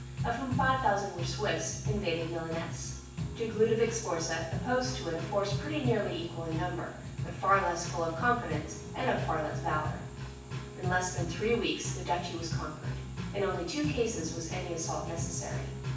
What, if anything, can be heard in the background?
Music.